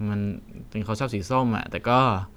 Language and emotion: Thai, neutral